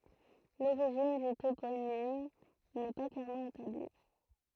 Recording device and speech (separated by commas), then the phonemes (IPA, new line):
throat microphone, read sentence
loʁiʒin dy toponim nɛ pa klɛʁmɑ̃ etabli